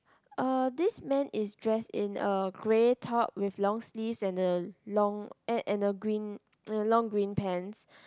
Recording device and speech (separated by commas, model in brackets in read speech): close-talking microphone, conversation in the same room